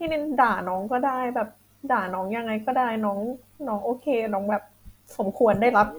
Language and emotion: Thai, sad